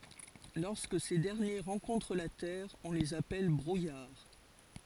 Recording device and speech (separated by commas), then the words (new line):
forehead accelerometer, read sentence
Lorsque ces derniers rencontrent la terre, on les appelle brouillard.